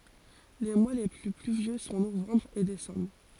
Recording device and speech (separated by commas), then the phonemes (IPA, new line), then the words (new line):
forehead accelerometer, read sentence
le mwa le ply plyvjø sɔ̃ novɑ̃bʁ e desɑ̃bʁ
Les mois les plus pluvieux sont novembre et décembre.